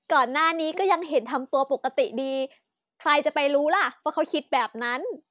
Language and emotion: Thai, happy